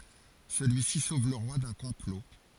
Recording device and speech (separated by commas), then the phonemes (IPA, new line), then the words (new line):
forehead accelerometer, read sentence
səlyisi sov lə ʁwa dœ̃ kɔ̃plo
Celui-ci sauve le roi d'un complot.